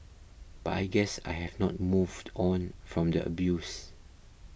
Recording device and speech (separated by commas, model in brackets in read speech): boundary microphone (BM630), read sentence